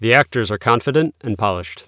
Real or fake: real